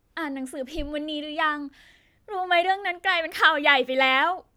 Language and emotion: Thai, sad